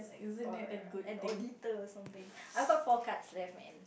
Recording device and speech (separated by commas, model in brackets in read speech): boundary microphone, conversation in the same room